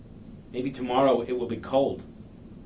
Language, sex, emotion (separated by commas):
English, male, neutral